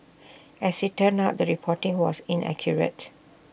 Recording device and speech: boundary microphone (BM630), read sentence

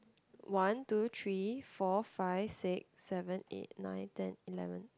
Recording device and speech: close-talking microphone, conversation in the same room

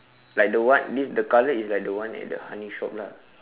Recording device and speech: telephone, conversation in separate rooms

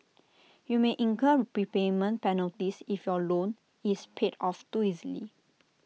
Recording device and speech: mobile phone (iPhone 6), read sentence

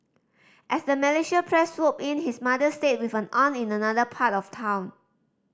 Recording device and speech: standing microphone (AKG C214), read sentence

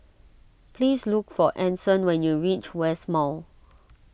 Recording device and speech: boundary microphone (BM630), read sentence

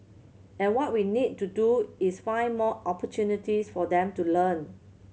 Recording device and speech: mobile phone (Samsung C7100), read sentence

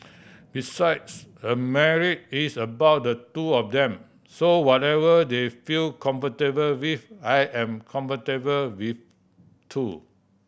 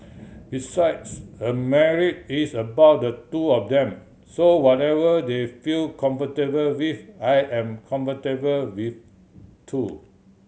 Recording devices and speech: boundary microphone (BM630), mobile phone (Samsung C7100), read sentence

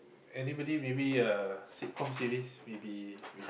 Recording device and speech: boundary microphone, conversation in the same room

